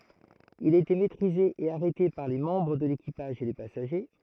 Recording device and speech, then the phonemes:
throat microphone, read sentence
il a ete mɛtʁize e aʁɛte paʁ le mɑ̃bʁ də lekipaʒ e le pasaʒe

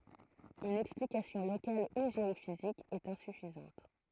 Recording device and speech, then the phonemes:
throat microphone, read sentence
yn ɛksplikasjɔ̃ lokal u ʒeofizik ɛt ɛ̃syfizɑ̃t

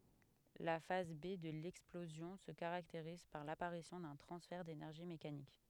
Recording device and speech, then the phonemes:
headset microphone, read sentence
la faz be də lɛksplozjɔ̃ sə kaʁakteʁiz paʁ lapaʁisjɔ̃ dœ̃ tʁɑ̃sfɛʁ denɛʁʒi mekanik

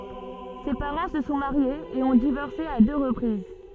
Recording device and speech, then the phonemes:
soft in-ear microphone, read sentence
se paʁɑ̃ sə sɔ̃ maʁjez e ɔ̃ divɔʁse a dø ʁəpʁiz

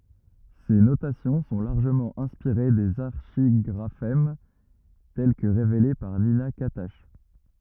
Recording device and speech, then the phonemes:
rigid in-ear microphone, read sentence
se notasjɔ̃ sɔ̃ laʁʒəmɑ̃ ɛ̃spiʁe dez aʁʃiɡʁafɛm tɛl kə ʁevele paʁ nina katak

